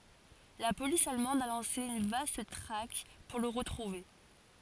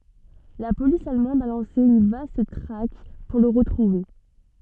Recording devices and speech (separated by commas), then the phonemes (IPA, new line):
forehead accelerometer, soft in-ear microphone, read sentence
la polis almɑ̃d a lɑ̃se yn vast tʁak puʁ lə ʁətʁuve